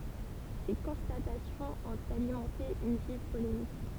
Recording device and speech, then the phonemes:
temple vibration pickup, read sentence
se kɔ̃statasjɔ̃z ɔ̃t alimɑ̃te yn viv polemik

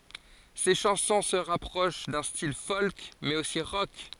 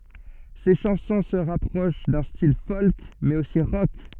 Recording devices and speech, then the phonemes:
forehead accelerometer, soft in-ear microphone, read sentence
se ʃɑ̃sɔ̃ sə ʁapʁoʃ dœ̃ stil fɔlk mɛz osi ʁɔk

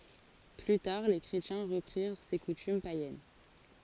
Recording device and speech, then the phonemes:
forehead accelerometer, read sentence
ply taʁ le kʁetjɛ̃ ʁəpʁiʁ se kutym pajɛn

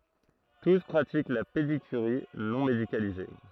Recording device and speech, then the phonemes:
throat microphone, read sentence
tus pʁatik la pedikyʁi nɔ̃ medikalize

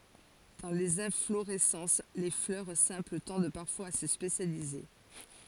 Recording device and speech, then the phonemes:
forehead accelerometer, read sentence
dɑ̃ lez ɛ̃floʁɛsɑ̃s le flœʁ sɛ̃pl tɑ̃d paʁfwaz a sə spesjalize

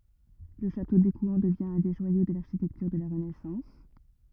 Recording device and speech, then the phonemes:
rigid in-ear microphone, read sentence
lə ʃato dekwɛ̃ dəvjɛ̃ œ̃ de ʒwajo də laʁʃitɛktyʁ də la ʁənɛsɑ̃s

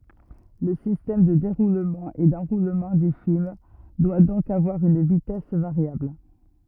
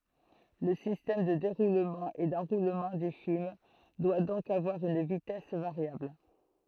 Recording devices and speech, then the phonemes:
rigid in-ear microphone, throat microphone, read sentence
lə sistɛm də deʁulmɑ̃ e dɑ̃ʁulmɑ̃ dy film dwa dɔ̃k avwaʁ yn vitɛs vaʁjabl

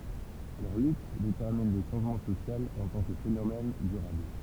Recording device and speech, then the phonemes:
temple vibration pickup, read sentence
lœʁ lyt detɛʁmin lə ʃɑ̃ʒmɑ̃ sosjal ɑ̃ tɑ̃ kə fenomɛn dyʁabl

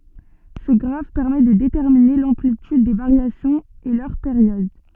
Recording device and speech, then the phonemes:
soft in-ear microphone, read sentence
sə ɡʁaf pɛʁmɛ də detɛʁmine lɑ̃plityd de vaʁjasjɔ̃z e lœʁ peʁjɔd

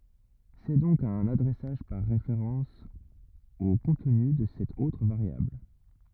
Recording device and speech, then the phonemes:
rigid in-ear microphone, read sentence
sɛ dɔ̃k œ̃n adʁɛsaʒ paʁ ʁefeʁɑ̃s o kɔ̃tny də sɛt otʁ vaʁjabl

